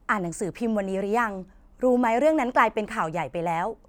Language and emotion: Thai, neutral